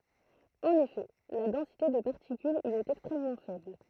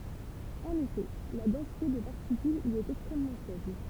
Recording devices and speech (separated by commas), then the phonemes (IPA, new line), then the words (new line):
throat microphone, temple vibration pickup, read sentence
ɑ̃n efɛ la dɑ̃site də paʁtikylz i ɛt ɛkstʁɛmmɑ̃ fɛbl
En effet, la densité de particules y est extrêmement faible.